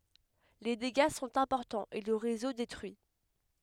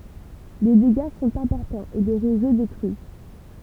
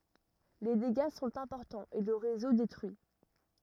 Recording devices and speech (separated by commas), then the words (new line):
headset microphone, temple vibration pickup, rigid in-ear microphone, read sentence
Les dégâts sont importants et le réseau détruit.